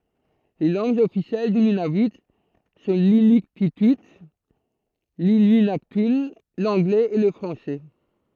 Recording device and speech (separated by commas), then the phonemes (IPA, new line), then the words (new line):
throat microphone, read sentence
le lɑ̃ɡz ɔfisjɛl dy nynavy sɔ̃ linyktity linyɛ̃naktœ̃ lɑ̃ɡlɛz e lə fʁɑ̃sɛ
Les langues officielles du Nunavut sont l'inuktitut, l'inuinnaqtun, l'anglais et le français.